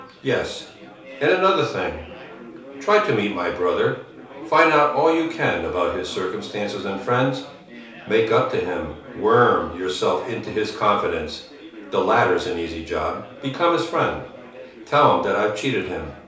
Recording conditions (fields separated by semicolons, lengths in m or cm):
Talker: one person; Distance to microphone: 3.0 m; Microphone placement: far; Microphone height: 1.8 m; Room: small (3.7 m by 2.7 m); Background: babble